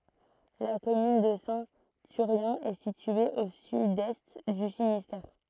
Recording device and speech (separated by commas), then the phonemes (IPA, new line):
throat microphone, read sentence
la kɔmyn də sɛ̃ tyʁjɛ̃ ɛ sitye o sydɛst dy finistɛʁ